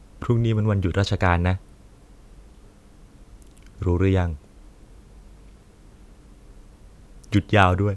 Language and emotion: Thai, neutral